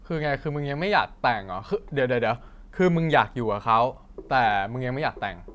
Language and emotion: Thai, frustrated